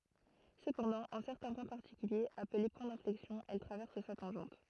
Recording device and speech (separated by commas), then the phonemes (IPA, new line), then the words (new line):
throat microphone, read sentence
səpɑ̃dɑ̃ ɑ̃ sɛʁtɛ̃ pwɛ̃ paʁtikyljez aple pwɛ̃ dɛ̃flɛksjɔ̃ ɛl tʁavɛʁs sa tɑ̃ʒɑ̃t
Cependant, en certains points particuliers, appelés points d'inflexion elle traverse sa tangente.